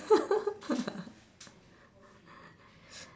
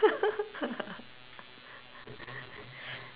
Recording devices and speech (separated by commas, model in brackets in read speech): standing microphone, telephone, conversation in separate rooms